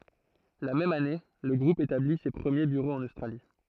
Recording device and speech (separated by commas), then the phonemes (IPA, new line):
throat microphone, read sentence
la mɛm ane lə ɡʁup etabli se pʁəmje byʁoz ɑ̃n ostʁali